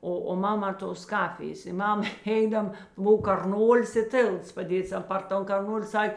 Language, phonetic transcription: Lithuanian, ˈo o ˈmaˌmā tos ˈkafijės i ˈmam ˈeidam ˈbuv karˈnolis i ˈtėlts paˈdėts ˈan par ˈton karˈnoli ˈsak'

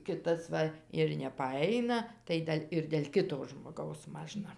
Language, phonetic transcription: Lithuanian, ˈkitas ˈva ir nepaˈaina tai ˈdel' ir del' ˈkito žmoˈgaus ˈmažna

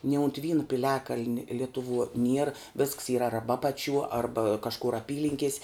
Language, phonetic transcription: Lithuanian, ni unt ˈvynu piˈliakaln' ˈlituˌvuo nier visks yr ˈarba ˈapaˌčiuo ˈarba kažˈkur aˈpylinkies'

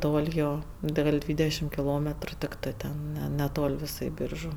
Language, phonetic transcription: Lithuanian, ˈtol' ˈjo da ˈgal' ˈdvydešim kiˈlometru tikˈtɜ ˈten ne neˈtol' ˈvisai ˈbyržu

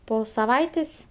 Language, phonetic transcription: Lithuanian, ˈpo saˈvaitės'

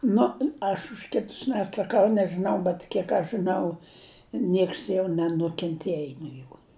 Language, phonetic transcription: Lithuanian, ˈnu aš už ˈkitus neatsaˈkau nežɨˈnau bet ˈkiek aš žɨˈnau ˈnieks jau nenukenˈtiej no ˈjų

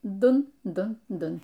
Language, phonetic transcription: Lithuanian, ˈdun ˈdun ˈdun

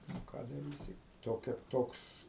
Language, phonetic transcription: Lithuanian, nu ˈką daˈrysi toˈkia ˈtoks

